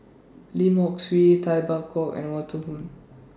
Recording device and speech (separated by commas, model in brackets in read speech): standing microphone (AKG C214), read sentence